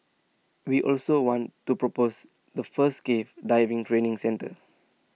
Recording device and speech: mobile phone (iPhone 6), read sentence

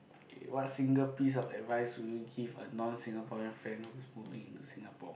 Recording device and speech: boundary microphone, conversation in the same room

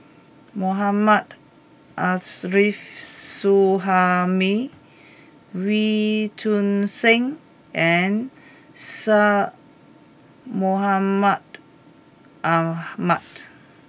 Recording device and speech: boundary microphone (BM630), read sentence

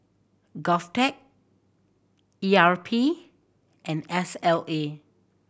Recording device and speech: boundary microphone (BM630), read sentence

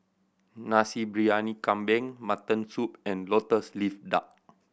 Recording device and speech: boundary microphone (BM630), read sentence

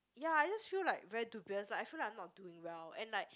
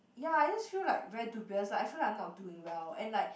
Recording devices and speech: close-talking microphone, boundary microphone, conversation in the same room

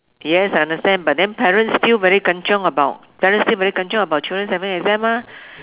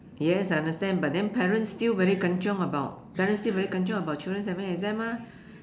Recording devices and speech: telephone, standing microphone, conversation in separate rooms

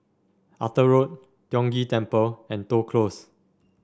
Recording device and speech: standing microphone (AKG C214), read sentence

